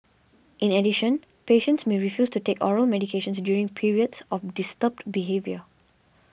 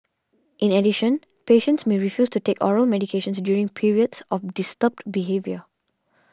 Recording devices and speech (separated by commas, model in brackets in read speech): boundary microphone (BM630), standing microphone (AKG C214), read sentence